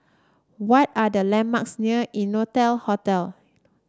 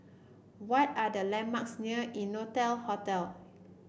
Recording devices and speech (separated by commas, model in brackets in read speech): standing microphone (AKG C214), boundary microphone (BM630), read sentence